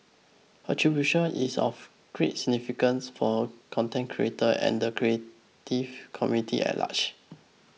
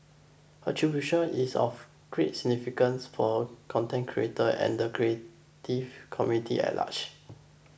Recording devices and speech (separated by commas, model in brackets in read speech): mobile phone (iPhone 6), boundary microphone (BM630), read sentence